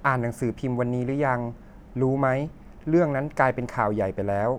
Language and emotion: Thai, neutral